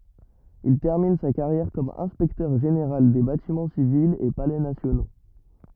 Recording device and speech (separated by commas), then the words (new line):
rigid in-ear microphone, read sentence
Il termine sa carrière comme inspecteur-général des Bâtiments civils et Palais nationaux.